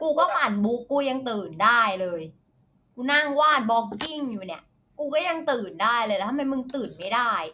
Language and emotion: Thai, frustrated